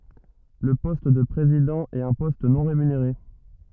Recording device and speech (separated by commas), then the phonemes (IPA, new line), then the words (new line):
rigid in-ear microphone, read sentence
lə pɔst də pʁezidɑ̃ ɛt œ̃ pɔst nɔ̃ ʁemyneʁe
Le poste de président est un poste non rémunéré.